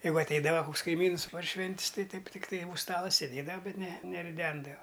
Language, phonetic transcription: Lithuanian, ˈjeigu atˈeidava ˈkuks kaiˈmyns par ˈšvent's' ˈtai ˈtaip ˈtikˈtai ūž ˈstala sėˈdėdava ˈbet ne neriˈdendava

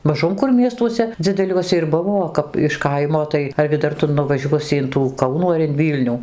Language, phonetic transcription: Lithuanian, maˈžum kur ˈmiestuose dzideˈliuose ir ˈbuvo o ˈkap iš ˈkaimo tai argi ˈdar ˈtu nuvaˈžiuosi in tų ˈkaunų ar in ˈvylnių

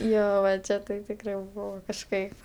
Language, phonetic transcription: Lithuanian, ˈjo va ˈčia tai tikˈrai ˈbuvo kažˈkaip

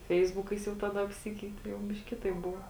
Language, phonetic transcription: Lithuanian, ˈfeisbukais jau ˈtaˌda apˈsikeiti jau ˈbiš'k' ˈkitaip ˈbuvo

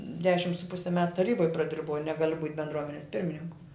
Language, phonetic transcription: Lithuanian, ˈdešim su ˈpusi met taˈryboj praˈdirbau ˈnegaliu būt' bendˈruomenes ˈpirmininku

